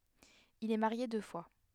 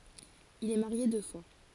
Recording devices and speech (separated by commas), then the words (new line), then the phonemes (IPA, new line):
headset microphone, forehead accelerometer, read sentence
Il est marié deux fois.
il ɛ maʁje dø fwa